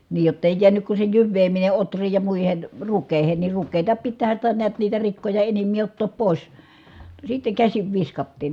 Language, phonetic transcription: Finnish, niij jottèi jiänyk ku se jyvveemine otr̀iij ja muihen , rukkèi̮hen ni rukkeeta pittäähän̬ sitä niät niitä rikkoja enimmii ottoop pòis , sitteŋ käsiv viskattiin .
- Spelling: niin jotta ei jäänyt kuin se jyvääminen ohriin ja muihin rukiisiin niin ruista pitäähän sitä näet niitä rikkoja enimpiä ottaa pois sitten käsin viskattiin

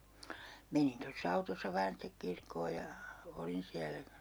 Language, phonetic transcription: Finnish, 'menin tos's ‿autossa vaan sitek 'kirkkoo ja , 'olin siälä .
- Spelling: menin tuossa autossa vain sitten kirkkoon ja olin siellä

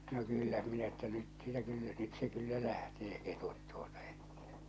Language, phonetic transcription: Finnish, no 'kyllä minä ‿ttä 'nyt sⁱtä 'kyllä , nyt se 'kyllä lähtee 'ketut tuotᴀ ᴇttᴀ̈ .
- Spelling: no kyllä minä että nyt sitä kyllä nyt se kyllä lähtee ketut tuota että

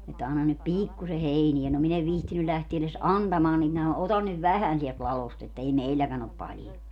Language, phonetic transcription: Finnish, että » 'annan nyt "piikkuse "heini₍ä » - no 'min ‿ev 'vihtiny 'lähtie eles "antamaan nim minä » 'otan nyv "vähän siɛlt 'lalost että 'ei "meilläkän ‿op 'paljo » .
- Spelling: että anna nyt pikkuisen heiniä no minä en viitsinyt lähteä edes antamaan niin minä ota nyt vähän sieltä ladosta että ei meilläkään ole paljon

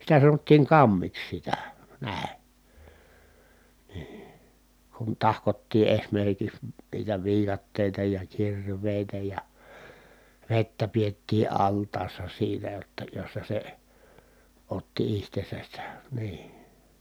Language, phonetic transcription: Finnish, sitä sanottiiŋ kammiks sitä , nä̀i̮ , nii , kun tahkottii esmerkiks , niitä viikattèita ja kir̀vèi̮tä ja , vettä piettii alt̀aassa siinä jotta jossa se , otti ihtesäs se , nii .
- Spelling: sitä sanottiin kammeksi sitä näin niin kun tahkottiin esimerkiksi niitä viikatteita ja kirveitä ja vettä pidettiin altaassa siinä jotta jossa se otti itsensä se niin

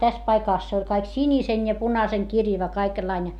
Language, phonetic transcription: Finnish, täs paikàs se oĺ kaik sinisen ja punaseŋkirjava kaikellaińe .
- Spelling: tässä paikassa se oli kaikki sinisen ja punaisenkirjava kaikenlainen

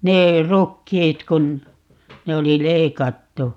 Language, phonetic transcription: Finnish, 'nee , "rukkiit kun , 'ne oli "leikattu .
- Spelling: ne rukiit kun ne oli leikattu

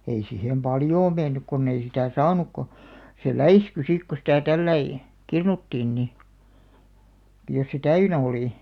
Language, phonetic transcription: Finnish, 'ei sihem "paljoo 'mennyk konn ‿ei sitä̀ "saanuk ko , se "läisky 'sik ko sitä 'tälläi , "kirnuttiin 'ni , ᵏᵒ̤- jos se "täynä 'olì .
- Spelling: ei siihen paljoa mennyt kun ei sitä saanut kun se läiskyi sitten kun sitä tällä lailla kirnuttiin niin - jos se täynnä oli

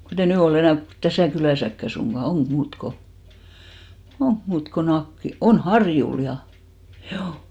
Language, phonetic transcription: Finnish, 'kotei "nỳ o'l ‿enä̀ (ko) 'täsä̀ kylä̀säkkä 'suŋɢa , 'oŋɢ 'muut ko , "oŋk 'muut ko "Nakkil- , 'on "Harjul 'ja , 'ʰjuu .
- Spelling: kun ei nyt ole enää kuin tässä kylässäkään suinkaan onko muuta kuin onko muuta kuin - on Harjulla ja juu

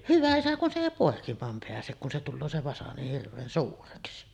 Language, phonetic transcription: Finnish, "hyvä "isä kun se 'èi 'pòekim̀aam peäsek kun se tulloo se 'vasa niih hirv̆veen 'suureksi .
- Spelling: hyvä isä kun se ei poikimaan pääse kun se tulee se vasa niin hirveän suureksi

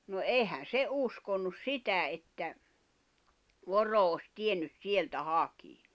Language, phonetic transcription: Finnish, no "èihän̬ "se 'uskonnus "sitä että , 'voro os 'tiennys 'sieltä "hakii .
- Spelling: no eihän se uskonut sitä että voro olisi tiennyt sieltä hakea

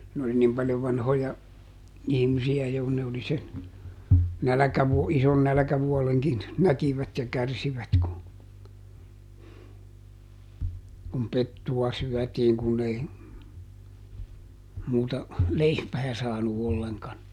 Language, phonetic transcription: Finnish, n ‿oli ˈnim paljov ˈvanhoja , ˈihmisi₍ä jo kun ne oli sen , "näläkävuo- , ˈison "nälᵃ̈kävuoleŋkin , ˈnäkivät ja ˈkärsivät ku , kum "pettuwa ˈsyɔ̈̀tiiŋ kunn ‿ei , muuta , ˈleipää saanu olleŋkan .
- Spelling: ne oli niin paljon vanhoja ihmisiä jo kun ne oli sen - ison nälkävuodenkin näkivät ja kärsivät kun kun pettua syötiin kun ei muuta leipää saanut ollenkaan

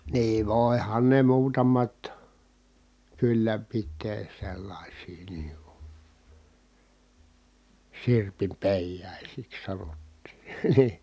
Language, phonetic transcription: Finnish, nii vòi̮han ne muutamat , kyllä pit̆tee , sellàisii nii ku , sirpimpèijàisiks sanottii , NI₍I .
- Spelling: niin voihan ne muutamat kyllä pitää sellaisia niin kuin sirpinpeijaisiksi sanottiin niin

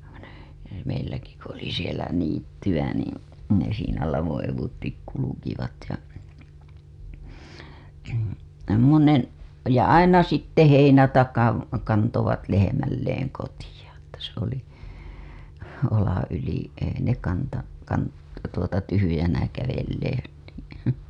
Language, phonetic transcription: Finnish, ne , ne meilläki ku ‿oli sielä niitty‿ä niin , ne siinä 'lavoo̰ evuttik kulukivat ja , "semmonen̬ , ja "aina 'sitte 'heinätakan̬ , kantovat lehemilleeŋ kotiʲa , että se ‿oli , olaa̰ yli , ei ne kantaa- , kant- , tuota tyhyjänä kävellee .
- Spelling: ne ne meilläkin kun oli siellä niittyä niin ne siinä lavon eduitse kulkivat ja semmoinen ja aina sitten heinätakan kantoivat lehmilleen kotiin että se oli olan yli ei ne - - tuota tyhjänä kävelleet

